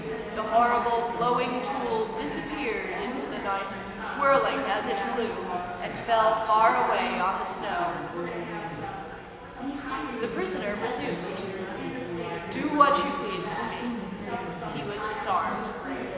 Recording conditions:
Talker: one person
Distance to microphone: 1.7 m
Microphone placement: close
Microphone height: 1.0 m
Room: very reverberant, large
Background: babble

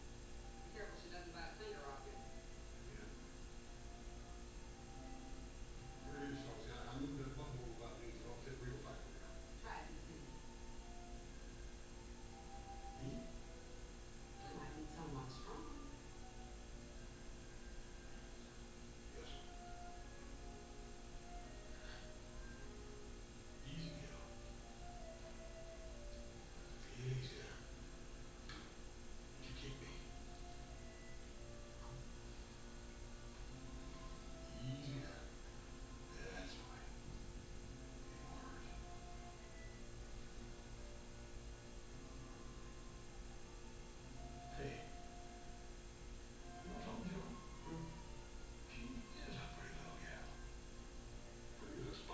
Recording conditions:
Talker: no one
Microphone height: 76 cm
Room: large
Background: television

